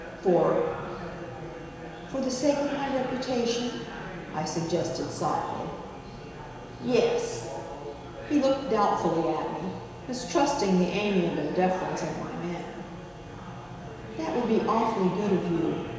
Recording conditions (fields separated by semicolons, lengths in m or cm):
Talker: one person; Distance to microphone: 1.7 m; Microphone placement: close; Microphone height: 1.0 m; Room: very reverberant, large; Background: babble